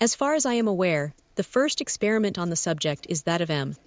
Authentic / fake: fake